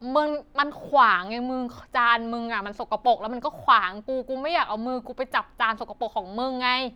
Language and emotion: Thai, frustrated